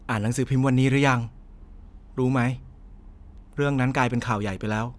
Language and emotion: Thai, neutral